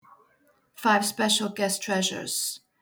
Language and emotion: English, neutral